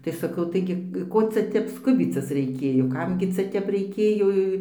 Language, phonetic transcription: Lithuanian, tai saˈkau ˈtaigi ˈko ˈcia ˈtep ˈskubycis reiˈkėjo ˈkam gi ˈcia ˈtep reiˈkėjo

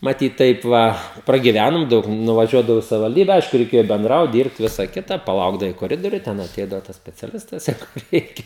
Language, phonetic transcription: Lithuanian, maˈtyt ˈtaip va pragiˈvænom ˈdaug nuvaˈžiuodavau i savivalˈdybe ˈaišku reiˈkėjo benˈdraut ˈdyrbt ˈvisa ˈkita paˈlaukdavai koˈridoriuj ˈten aˈteidavo tas speciaˈlistas ˈjeigu ˈreikia

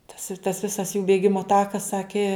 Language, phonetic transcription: Lithuanian, tas i tas ˈvisas jų bėˈgimo ˈtakas ˈsaki

